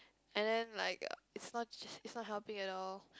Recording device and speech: close-talking microphone, conversation in the same room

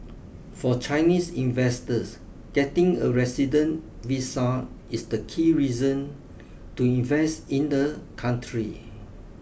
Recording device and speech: boundary microphone (BM630), read sentence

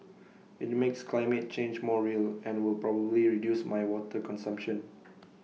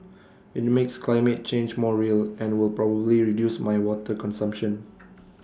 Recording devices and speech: mobile phone (iPhone 6), standing microphone (AKG C214), read sentence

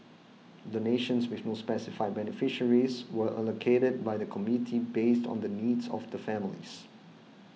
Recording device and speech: mobile phone (iPhone 6), read sentence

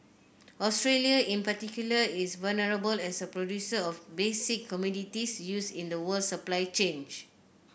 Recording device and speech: boundary microphone (BM630), read sentence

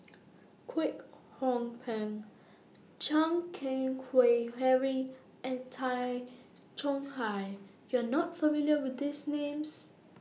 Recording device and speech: mobile phone (iPhone 6), read sentence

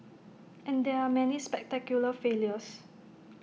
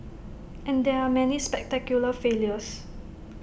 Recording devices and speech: mobile phone (iPhone 6), boundary microphone (BM630), read sentence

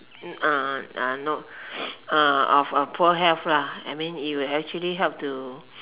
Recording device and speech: telephone, conversation in separate rooms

